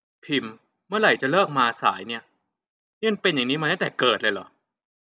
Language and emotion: Thai, frustrated